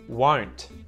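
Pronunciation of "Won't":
In 'won't', the final t is pronounced, not muted.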